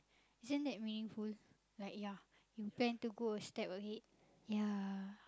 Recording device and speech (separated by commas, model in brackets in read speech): close-talking microphone, conversation in the same room